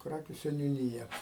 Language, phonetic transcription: Lithuanian, ˈkrakiu seniuˈnyja

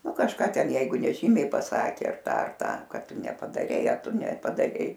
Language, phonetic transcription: Lithuanian, ˈnu kažˈką ˈten ˈjeigu neˈžymiai paˈsakė ar ˈta ar ˈta ˈkad ˈtu nepadaˈrei ar ˈtu nepadaˈrei

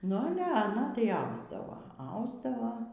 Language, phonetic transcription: Lithuanian, nu aˈle aˈna tai ˈausdavo ˈausdavo

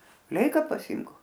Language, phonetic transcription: Lithuanian, ˈleika paˈsimk

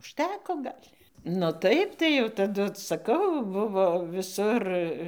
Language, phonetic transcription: Lithuanian, užˈteko ˈgal' nu ˈtaip tai jau taˈdu saˈkau ˈbuvo viˈsur

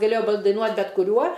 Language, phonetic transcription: Lithuanian, gaˈlėjo daiˈnuot' bet kuˈriuo

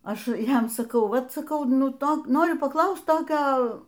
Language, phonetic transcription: Lithuanian, ˈaš ˈjam saˈkau ˈvat saˈkau ˈnu ˈto ˈnoriu paˈklaust ˈtokio

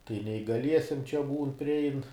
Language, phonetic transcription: Lithuanian, tai neįgaˈliesiem čia ˈbūn priˈein

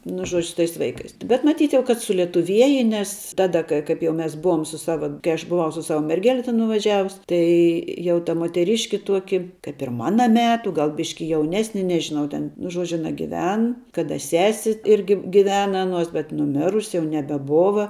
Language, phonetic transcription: Lithuanian, nu ˈžuodžiu su tais ˈvaikais bet maˈtyt kad sulietuˈvieje nes ˈtada ka ˈkaip jau ˈmes ˈbuvom sus ˈsava kai ˈaš buˈvau su ˈsava merˈgele ten nuvaˈžiavus ˈtai jau ta muoteˈriški ˈtuoki kaip ir ˈmana ˈmetu ˈgal ˈbiški jauˈnesni nežiˈnau ten nu ˈžuodžiu aˈna giˈven kaˈda ˈsesi ˈirgi giˈvena ˈanuos bet nuˈmirusi jau nebeˈbova

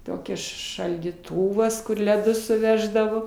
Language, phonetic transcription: Lithuanian, ˈtokia šaldyˈtuvas kur leˈdus suˈveždavo

